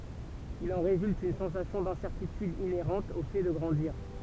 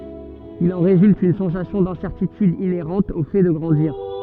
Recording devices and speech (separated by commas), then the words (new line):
temple vibration pickup, soft in-ear microphone, read sentence
Il en résulte une sensation d’incertitude inhérente au fait de grandir.